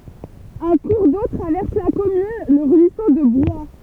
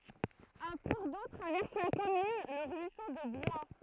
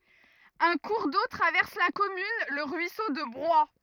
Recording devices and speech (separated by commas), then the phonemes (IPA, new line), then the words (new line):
temple vibration pickup, throat microphone, rigid in-ear microphone, read sentence
œ̃ kuʁ do tʁavɛʁs la kɔmyn lə ʁyiso də bʁwaj
Un cours d'eau traverse la commune, le ruisseau de Broye.